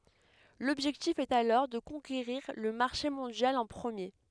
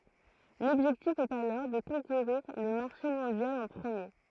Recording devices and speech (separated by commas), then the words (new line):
headset microphone, throat microphone, read sentence
L’objectif est alors de conquérir le marché mondial en premier.